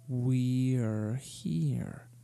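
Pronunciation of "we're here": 'We're here' is said with a staircase intonation: the pitch starts highest on 'we' and steps down through each part, ending lowest on the final 'er' of 'here'.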